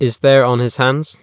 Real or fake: real